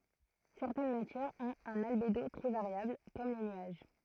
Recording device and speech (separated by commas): throat microphone, read sentence